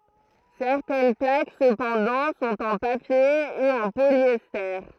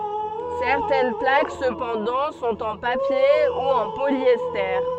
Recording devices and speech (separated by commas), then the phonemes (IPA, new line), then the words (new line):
throat microphone, soft in-ear microphone, read sentence
sɛʁtɛn plak səpɑ̃dɑ̃ sɔ̃t ɑ̃ papje u ɑ̃ poljɛste
Certaines plaques cependant sont en papier ou en polyester.